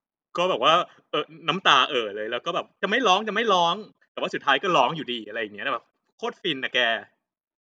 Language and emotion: Thai, happy